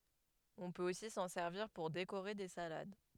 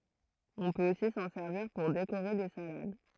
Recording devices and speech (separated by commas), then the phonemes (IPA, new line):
headset microphone, throat microphone, read sentence
ɔ̃ pøt osi sɑ̃ sɛʁviʁ puʁ dekoʁe de salad